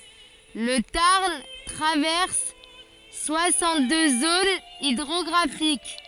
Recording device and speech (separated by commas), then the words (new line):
forehead accelerometer, read sentence
Le Tarn traverse soixante-deux zones hydrographiques.